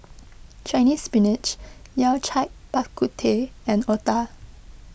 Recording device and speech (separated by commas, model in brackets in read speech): boundary microphone (BM630), read sentence